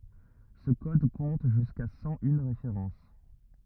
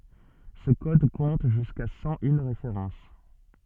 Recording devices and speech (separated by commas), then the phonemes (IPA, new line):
rigid in-ear microphone, soft in-ear microphone, read sentence
sə kɔd kɔ̃t ʒyska sɑ̃ yn ʁefeʁɑ̃s